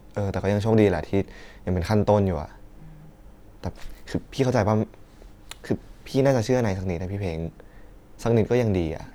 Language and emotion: Thai, frustrated